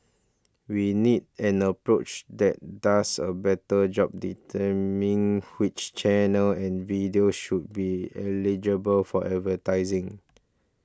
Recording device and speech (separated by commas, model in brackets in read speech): standing microphone (AKG C214), read sentence